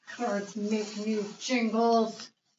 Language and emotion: English, angry